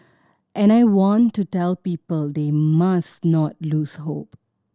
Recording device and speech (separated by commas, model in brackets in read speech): standing microphone (AKG C214), read sentence